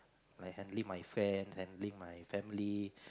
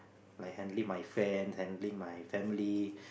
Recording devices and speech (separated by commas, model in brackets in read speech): close-talking microphone, boundary microphone, conversation in the same room